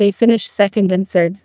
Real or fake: fake